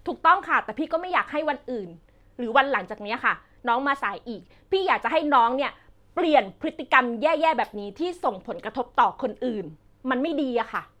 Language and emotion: Thai, angry